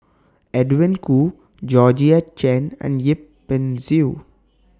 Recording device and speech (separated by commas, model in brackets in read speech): standing microphone (AKG C214), read sentence